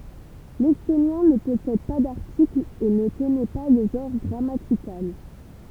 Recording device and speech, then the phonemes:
temple vibration pickup, read sentence
lɛstonjɛ̃ nə pɔsɛd pa daʁtiklz e nə kɔnɛ pa lə ʒɑ̃ʁ ɡʁamatikal

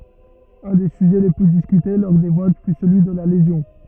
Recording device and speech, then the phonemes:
rigid in-ear microphone, read sentence
œ̃ de syʒɛ le ply diskyte lɔʁ de vot fy səlyi də la lezjɔ̃

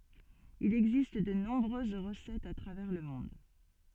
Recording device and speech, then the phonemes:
soft in-ear microphone, read sentence
il ɛɡzist də nɔ̃bʁøz ʁəsɛtz a tʁavɛʁ lə mɔ̃d

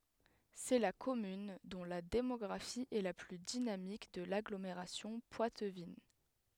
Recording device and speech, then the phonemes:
headset microphone, read sentence
sɛ la kɔmyn dɔ̃ la demɔɡʁafi ɛ la ply dinamik də laɡlomeʁasjɔ̃ pwatvin

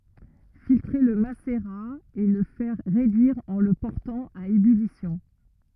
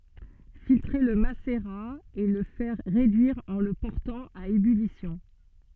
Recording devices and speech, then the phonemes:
rigid in-ear microphone, soft in-ear microphone, read sentence
filtʁe lə maseʁa e lə fɛʁ ʁedyiʁ ɑ̃ lə pɔʁtɑ̃ a ebylisjɔ̃

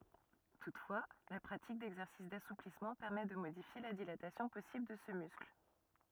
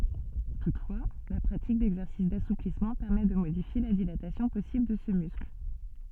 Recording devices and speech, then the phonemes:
rigid in-ear microphone, soft in-ear microphone, read sentence
tutfwa la pʁatik dɛɡzɛʁsis dasuplismɑ̃ pɛʁmɛ də modifje la dilatasjɔ̃ pɔsibl də sə myskl

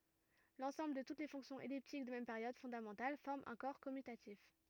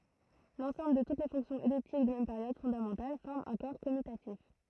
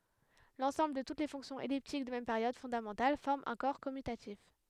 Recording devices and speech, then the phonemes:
rigid in-ear microphone, throat microphone, headset microphone, read sentence
lɑ̃sɑ̃bl də tut le fɔ̃ksjɔ̃z ɛliptik də mɛm peʁjod fɔ̃damɑ̃tal fɔʁm œ̃ kɔʁ kɔmytatif

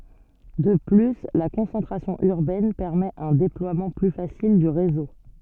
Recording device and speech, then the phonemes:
soft in-ear microphone, read sentence
də ply la kɔ̃sɑ̃tʁasjɔ̃ yʁbɛn pɛʁmɛt œ̃ deplwamɑ̃ ply fasil dy ʁezo

